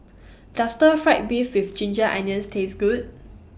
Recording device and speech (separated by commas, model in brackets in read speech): boundary microphone (BM630), read sentence